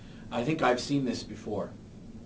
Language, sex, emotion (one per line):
English
male
neutral